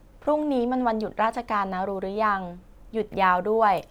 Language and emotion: Thai, neutral